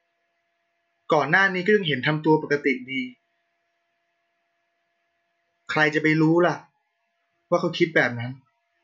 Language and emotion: Thai, neutral